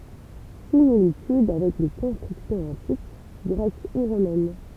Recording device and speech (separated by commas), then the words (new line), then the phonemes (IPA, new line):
temple vibration pickup, read sentence
Similitudes avec les constructions antiques, grecques ou romaines.
similityd avɛk le kɔ̃stʁyksjɔ̃z ɑ̃tik ɡʁɛk u ʁomɛn